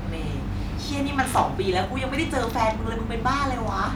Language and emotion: Thai, frustrated